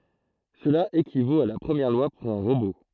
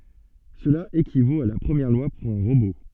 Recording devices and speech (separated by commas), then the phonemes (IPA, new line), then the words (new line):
throat microphone, soft in-ear microphone, read sentence
səla ekivot a la pʁəmjɛʁ lwa puʁ œ̃ ʁobo
Cela équivaut à la Première Loi pour un robot.